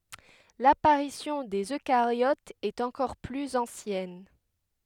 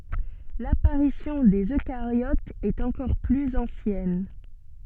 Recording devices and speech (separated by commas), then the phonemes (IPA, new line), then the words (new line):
headset microphone, soft in-ear microphone, read sentence
lapaʁisjɔ̃ dez økaʁjotz ɛt ɑ̃kɔʁ plyz ɑ̃sjɛn
L'apparition des eucaryotes est encore plus ancienne.